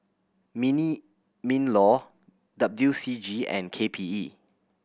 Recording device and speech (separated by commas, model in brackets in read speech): boundary microphone (BM630), read sentence